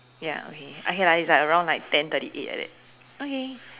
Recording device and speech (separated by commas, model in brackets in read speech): telephone, conversation in separate rooms